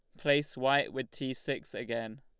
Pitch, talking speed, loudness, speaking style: 135 Hz, 180 wpm, -32 LUFS, Lombard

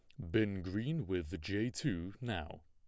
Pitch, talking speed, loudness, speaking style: 95 Hz, 155 wpm, -38 LUFS, plain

